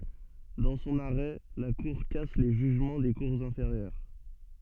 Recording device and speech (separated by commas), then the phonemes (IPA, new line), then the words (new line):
soft in-ear microphone, read sentence
dɑ̃ sɔ̃n aʁɛ la kuʁ kas le ʒyʒmɑ̃ de kuʁz ɛ̃feʁjœʁ
Dans son arrêt, la cour casse les jugements des cours inférieures.